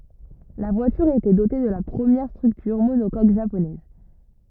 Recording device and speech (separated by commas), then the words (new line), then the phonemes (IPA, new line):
rigid in-ear microphone, read sentence
La voiture était dotée de la première structure monocoque japonaise.
la vwatyʁ etɛ dote də la pʁəmjɛʁ stʁyktyʁ monokok ʒaponɛz